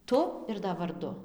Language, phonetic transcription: Lithuanian, ˈtu ir da varˈdu

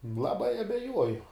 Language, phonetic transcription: Lithuanian, laˈbai abeˈjuoju

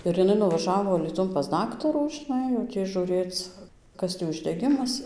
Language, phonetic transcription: Lithuanian, ir jiˈnai nuvaˈžavo alyˈtun pas ˈdaktarų žiˈnai jau ˈtį žūˈrėc ˈkas tį uždeˈgimas

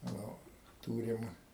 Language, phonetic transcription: Lithuanian, ˈnu ˈtūrim

